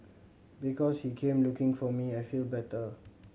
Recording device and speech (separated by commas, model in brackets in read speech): mobile phone (Samsung C7100), read sentence